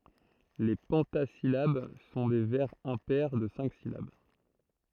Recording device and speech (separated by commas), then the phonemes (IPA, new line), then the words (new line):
throat microphone, read sentence
le pɑ̃tazilab sɔ̃ de vɛʁz ɛ̃pɛʁ də sɛ̃k silab
Les pentasyllabes sont des vers impairs de cinq syllabes.